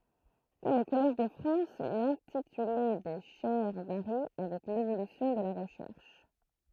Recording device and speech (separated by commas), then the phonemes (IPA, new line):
throat microphone, read sentence
kɔm o kɔlɛʒ də fʁɑ̃s lɛ̃tityle de ʃɛʁ vaʁi avɛk levolysjɔ̃ də la ʁəʃɛʁʃ